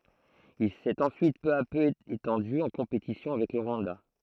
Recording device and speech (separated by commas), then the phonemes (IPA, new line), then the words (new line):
throat microphone, read sentence
il sɛt ɑ̃syit pø a pø etɑ̃dy ɑ̃ kɔ̃petisjɔ̃ avɛk lə ʁwɑ̃da
Il s'est ensuite peu à peu étendu, en compétition avec le Rwanda.